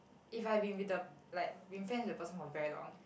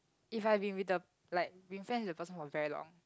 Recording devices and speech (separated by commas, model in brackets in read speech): boundary microphone, close-talking microphone, conversation in the same room